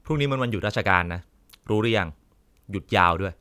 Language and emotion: Thai, frustrated